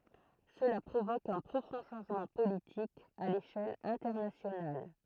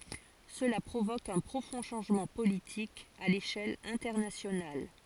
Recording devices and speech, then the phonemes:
throat microphone, forehead accelerometer, read sentence
səla pʁovok œ̃ pʁofɔ̃ ʃɑ̃ʒmɑ̃ politik a leʃɛl ɛ̃tɛʁnasjonal

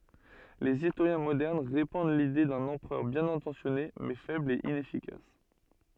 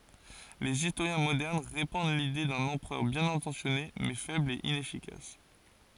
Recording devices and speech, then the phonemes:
soft in-ear microphone, forehead accelerometer, read sentence
lez istoʁjɛ̃ modɛʁn ʁepɑ̃d lide dœ̃n ɑ̃pʁœʁ bjɛ̃n ɛ̃tɑ̃sjɔne mɛ fɛbl e inɛfikas

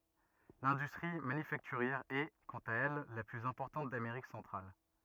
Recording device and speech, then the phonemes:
rigid in-ear microphone, read sentence
lɛ̃dystʁi manyfaktyʁjɛʁ ɛ kɑ̃t a ɛl la plyz ɛ̃pɔʁtɑ̃t dameʁik sɑ̃tʁal

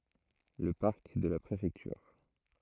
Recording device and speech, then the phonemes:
throat microphone, read sentence
lə paʁk də la pʁefɛktyʁ

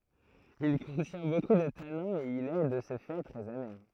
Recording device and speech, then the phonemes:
throat microphone, read sentence
il kɔ̃tjɛ̃ boku də tanɛ̃z e il ɛ də sə fɛ tʁɛz ame

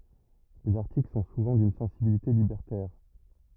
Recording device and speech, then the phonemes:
rigid in-ear microphone, read sentence
lez aʁtikl sɔ̃ suvɑ̃ dyn sɑ̃sibilite libɛʁtɛʁ

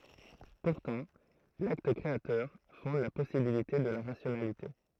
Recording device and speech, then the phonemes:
throat microphone, read sentence
puʁtɑ̃ lakt kʁeatœʁ fɔ̃d la pɔsibilite də la ʁasjonalite

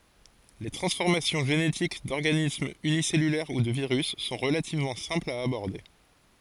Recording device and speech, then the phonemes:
forehead accelerometer, read sentence
le tʁɑ̃sfɔʁmasjɔ̃ ʒenetik dɔʁɡanismz ynisɛlylɛʁ u də viʁys sɔ̃ ʁəlativmɑ̃ sɛ̃plz a abɔʁde

